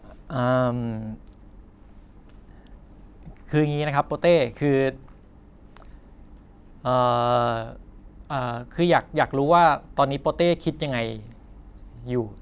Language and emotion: Thai, frustrated